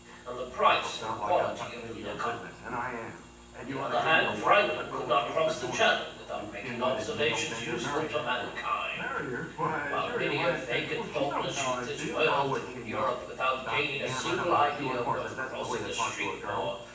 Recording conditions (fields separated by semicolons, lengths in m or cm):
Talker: one person; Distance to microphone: 9.8 m; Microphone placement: far; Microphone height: 1.8 m; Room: large; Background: television